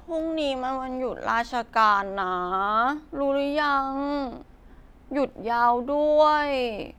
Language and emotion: Thai, sad